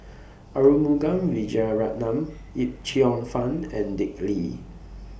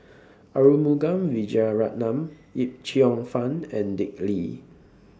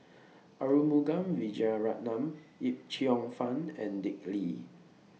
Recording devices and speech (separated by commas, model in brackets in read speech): boundary microphone (BM630), standing microphone (AKG C214), mobile phone (iPhone 6), read sentence